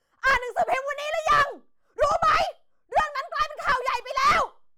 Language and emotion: Thai, angry